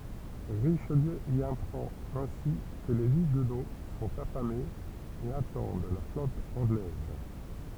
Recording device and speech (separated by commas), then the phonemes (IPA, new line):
temple vibration pickup, read sentence
ʁiʃliø i apʁɑ̃t ɛ̃si kə le yɡno sɔ̃t afamez e atɑ̃d la flɔt ɑ̃ɡlɛz